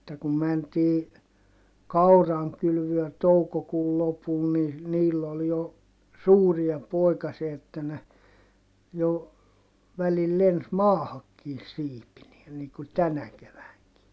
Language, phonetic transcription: Finnish, [et]tä kum mäntii , kauraŋkylvyö toukokuul lopul ni , niill ‿ol jo , suuria pòikasia että ne , jo , välil lens maahakkiin siipinie - niiŋ ku tänä kevääŋki .
- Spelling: että kun mentiin kaurankylvöön toukokuun lopulla niin niillä oli jo suuria poikasia että ne jo välillä lensi maahankin siipineen niin kuin tänä keväänäkin

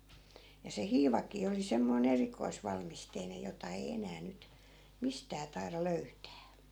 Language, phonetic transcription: Finnish, ja se 'hiivak̀ii oli 'semmoi'n ‿erikoisvalmisteinej̆ jota ei 'enää 'nyt , 'mistää tai̮ra "löytää .
- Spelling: ja se hiivakin oli semmoinen erikoisvalmisteinen jota ei enää nyt mistään taida löytää

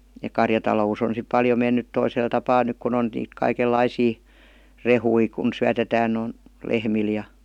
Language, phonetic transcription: Finnish, ja 'karjatalo₍us ‿on sip 'paljo mennyt 'toisel tapaa 'nyk kun ‿on niit 'kaikel"laisii , "rehui kun 'syätetään n̥ , 'lehmil ja .
- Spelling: ja karjatalous on sitten paljon mennyt toisella tapaa nyt kun on niitä kaikenlaisia rehuja kun syötetään - lehmille ja

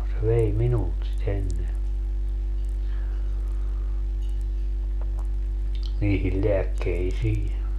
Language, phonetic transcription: Finnish, se 'vei "minult si't ‿enne , niihil 'leäkkeisii .
- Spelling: se vei minulta sitä ennen niihin lääkkeisiin

